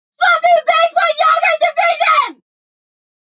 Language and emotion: English, neutral